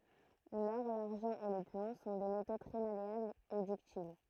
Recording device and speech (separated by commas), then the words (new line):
throat microphone, read sentence
L'or, l'argent et le plomb sont des métaux très malléables ou ductiles.